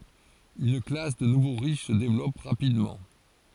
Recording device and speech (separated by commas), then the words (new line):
forehead accelerometer, read sentence
Une classe de nouveaux riches se développe rapidement.